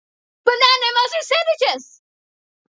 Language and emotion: English, surprised